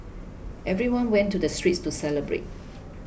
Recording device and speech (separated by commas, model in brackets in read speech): boundary microphone (BM630), read sentence